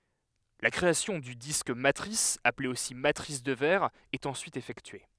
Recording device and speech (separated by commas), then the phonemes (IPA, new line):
headset microphone, read sentence
la kʁeasjɔ̃ dy disk matʁis aple osi matʁis də vɛʁ ɛt ɑ̃syit efɛktye